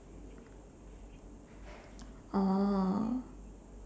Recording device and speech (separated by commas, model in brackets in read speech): standing microphone, conversation in separate rooms